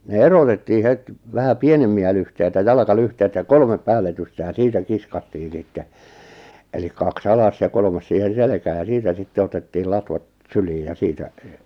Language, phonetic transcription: Finnish, ne "erotettii 'het , 'vähä "pienemmi₍ä lyhteitä "jalakalyhteitä ja "kolmep "päälletyste ja "siitä 'kiskattii 'sitte , elik kak's ‿alas ja 'kolʿoʾmas siihen̬ 'selekää ja 'siitä 'sitte otettiil 'latvat , "syliij ja 'siitä ,.
- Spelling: ne erotettiin heti vähän pienempiä lyhteitä jalkalyhteitä ja kolme päälletysten ja siitä kiskottiin sitten eli kaksi alas ja kolmas siihen selkään ja siitä sitten otettiin latvat syliin ja siitä

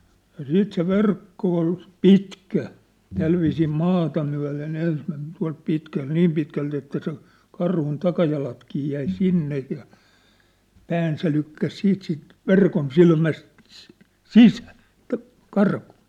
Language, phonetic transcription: Finnish, ja 'siit se 'verkko ol , "pitkä , 'tälvisii "maata myä̭le"n ‿ens mem̳ , tua̭lt pitkält 'niim pitkält ‿että sen̬ , karhun 'takajalatkii jäi 'sinnej ja , 'pään se 'lykkäs 'siit sìnt , "verkon'silmäst , "sisᴀ̈ᴀ̈ , t̆ä̆ , 'karkᴜᴜ .
- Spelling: ja sitten se verkko oli pitkä tällä viisiin maata myöten ensi meni tuolta pitkältä niin pitkältä että sen karhun takajalatkin jäi sinne ja pään se lykkäsi sitten siitä verkonsilmästä sisään sitä karkuun

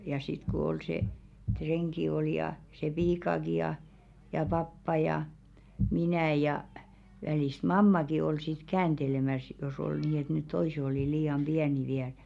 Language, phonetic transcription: Finnish, ja sit ko 'ol 'se , 'treŋki ol ja , se 'piikaki ja , ja 'pappa ja , 'minä̀ ja , välìst "mammaki ol 'sit 'käänᴅelemäs jos ‿ol 'nii et net "toise olì 'lii₍am "ʙiäni 'viäl .
- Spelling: ja sitten kun oli se renki oli ja se piikakin ja ja pappa ja minä ja välistä mammakin oli sitten kääntelemässä jos oli niin että ne toiset oli liian pieniä vielä

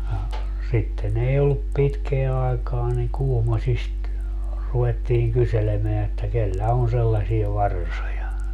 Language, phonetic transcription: Finnish, » ja , 'sitten ‿ei ollup 'pitkeä 'aekaa niŋ "Kuhmośist , 'ruwettiiŋ 'kyselemeä että 'kellä on 'sellasie "varsoja .
- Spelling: ja sitten ei ollut pitkää aikaa niin Kuhmoisista ruvettiin kyselemään että kenellä on sellaisia varsoja

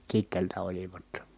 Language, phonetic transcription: Finnish, Kit̆teeltä olivat .
- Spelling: Kiteeltä olivat

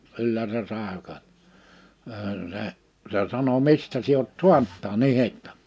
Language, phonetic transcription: Finnish, 'kyllä se 'sàe ko- , se , se sano » 'mistä sie oot "suanᵁt tää"n ‿ih(etta) ? «
- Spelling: kyllä se sai - se se sanoi mistä sinä olet saanut tämän ihottuman

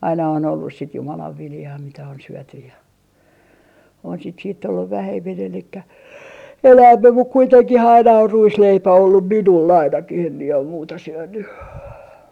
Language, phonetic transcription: Finnish, aina on ollus sit 'Jumalav 'viljaa mitä on 'syötyj ja , on sit siitt ‿olluv 'vähemmin elikkä "enäämmem muk 'kuiteŋkih ‿aina or "ruisleipä ollum minul 'ainakih em mie om 'muuta 'syönny .
- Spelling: aina on ollut sitten Jumalan viljaa mitä on syöty ja on sitä sitten ollut vähemmin eli enemmän mutta kuitenkin aina on ruisleipä ollut minulla ainakin en minä ole muuta syönyt

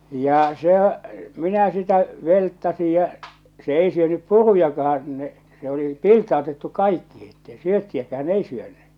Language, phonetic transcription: Finnish, 'ja sehä 'minä sitä , 'velttasij ja , se 'ei syönyp "purujakahan ɴᴇ , se oli , "pilt̆taotettu "kaikkihi ettei "syöttiäkään "ei syönnʏ , 'joo .
- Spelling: ja sehän minä sitä velttasin ja se ei syönyt purujakaan no se oli pilttautettu kaikkiin että ei syöttiäkään ei syönyt joo

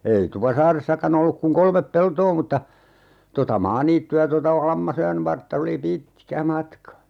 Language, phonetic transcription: Finnish, ei 'Tupasaaressakan ‿olluk - kuŋ 'kolmep "peltoo mutta , 'tota "maaniitty₍ä tota , "Lammasojan 'vartta oli "pit̀kä 'matka .
- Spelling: ei Tupasaaressakaan ollut kuin kolme peltoa mutta tuota maaniittyä tuota Lammasojan vartta oli pitkä matka

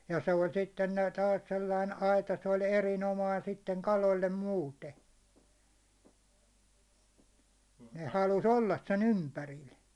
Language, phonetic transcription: Finnish, ja 'se oĺ 'sitten nät tas 'seila in "aita se oĺ "erin'omain sitteŋ 'kalol̜l̜e "muute , ne 'halus "ollas sen "ympäril .
- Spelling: ja se oli sitten näet taas sellainen aita se oli erinomainen sitten kaloille muuten ne halusi olla sen ympärillä

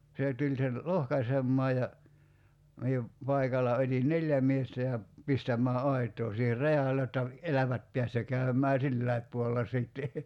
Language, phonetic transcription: Finnish, 'sè tuĺ sen , "lohkasemmaa ja , 'mie , 'paikal̆la 'ot́in "neljä miestä ja , 'pistäm̀ää "’ait̀oo siiher "rajal(e j)otta , "elävät piäs jo 'käym̀ää "silläip puolella 'sìtte .
- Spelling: se tuli sen lohkaisemaan ja minä paikalla otin neljä miestä ja pistämään aitaa siihen rajalle jotta elävät pääsi jo käymään silläkin puolella sitten

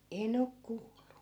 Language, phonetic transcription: Finnish, 'en ‿ok 'kuullu .
- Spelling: en ole kuullut

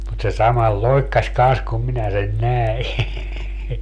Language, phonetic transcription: Finnish, mut se 'samal "loikkas kans kum 'minä sen "näi .
- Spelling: mutta se samalla loikkasi kanssa kun minä sen näin

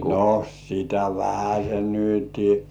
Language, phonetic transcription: Finnish, no sitä "vähäs̜en 'nyti .
- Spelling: no sitä vähäsen nyt

